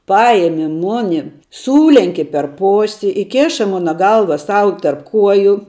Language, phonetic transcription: Lithuanian, ˈpajemi ˈmoni ˈsūlenki per ˈposi iˈkėša ˈmona ˈgalva ˈsau tarp ˈkuoju

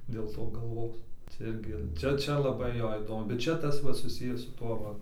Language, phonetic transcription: Lithuanian, dėl ˈto galˈvos cia ˈirgi ˈčia ˈčia laˈbai ˈjo ˈįdomu bet ˈčia ˈtas ˈva suˈsiję su ˈtuo ˈva

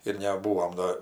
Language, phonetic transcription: Lithuanian, ir neˈbūom ˈdo

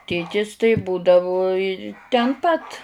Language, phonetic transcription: Lithuanian, ˈtėtis tai būdavu i ten ˈpat

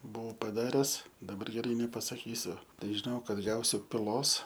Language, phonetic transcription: Lithuanian, ˈbuau paˈdares daˈbar geˈrai nepasaˈkysiu ˈtai žiˈnau ˈkad ˈgausiu piˈlos

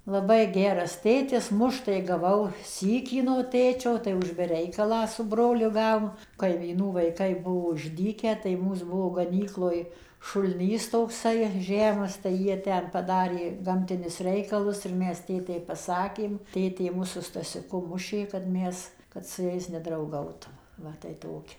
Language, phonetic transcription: Lithuanian, laˈbai ˈgeras ˈtėtis ˈmušt tai gaˈvau ˈsykį no ˈtėčio tai už be ˈreikalą su ˈbroliu ˈgavom kaimyˈnų vaiˈkai ˈbuvo išˈdykę tai ˈmūs ˈbuvo gaˈnykloj šulˈnys tokˈsai ˈžemas tai ˈjie ˈten paˈdarė ˈgamtinius ˈreikalus ir ˈmes ˈtėtei paˈsakėm ˈtėtė ˈmus su stasiuˈku ˈmušė kad ˈmes kad su ˈjais nedrauˈgautum ˈva tai ˈtoki

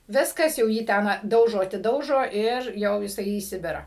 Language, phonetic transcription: Lithuanian, ˈviskas jau ˈjį ˈten ˈdaužo atiˈdaužo ir ˈjau jiˈsai į ˈsibirą

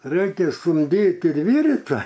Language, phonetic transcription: Lithuanian, ˈraikia sumˈdyt ir ˈvyryt ˈva

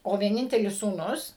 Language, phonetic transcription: Lithuanian, o vieˈnintelis sūˈnus

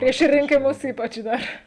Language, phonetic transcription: Lithuanian, prieš rinkiˈmus ˈypač ˈdar

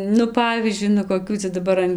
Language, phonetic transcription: Lithuanian, nu ˈpavyzdžiui nu koˈkių ca daˈbar an

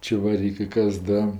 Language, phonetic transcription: Lithuanian, čevaˈrykɜ ˈkas ˈda

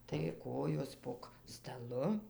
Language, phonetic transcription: Lithuanian, tai ˈkojos pog staˈlu

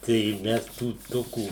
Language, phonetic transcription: Lithuanian, tai ˈmes tų ˈtokų

